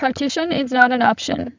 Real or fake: fake